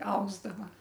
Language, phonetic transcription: Lithuanian, ˈausdava

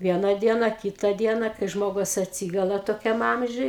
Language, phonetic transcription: Lithuanian, ˈviena ˈdiena ˈkyta ˈdiena kai ˈžmogus atˈsygula toˈkiam ˈamžiuj

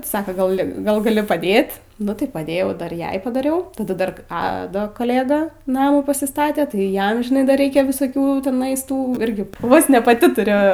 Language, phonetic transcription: Lithuanian, ˈsaka ˈgal' gal gaˈli paˈdėt nu tai paˈdėjau ˈdar ˈjai padaˈriau taˈda ˈdar ˈado kaˈlėda ˈnamų pasiˈstate tai ˈjam žiˈnai ˈdar ˈreikia visoˈkių tiˈnais ˈtų ˈirgi vos ne paˈti tuˈriu

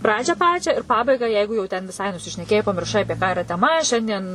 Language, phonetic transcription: Lithuanian, ˈpradžią ˈpačią ir pabaigą ˈjeigu jau ten viˈsai nusišneˈkėjai pamirˈšai ˈapie ką iˈra teˈma ˈšiandien

